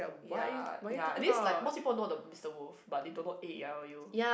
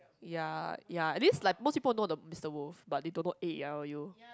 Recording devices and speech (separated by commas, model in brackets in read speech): boundary microphone, close-talking microphone, conversation in the same room